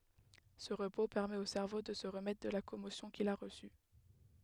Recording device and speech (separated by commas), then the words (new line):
headset microphone, read sentence
Ce repos permet au cerveau de se remettre de la commotion qu'il a reçue.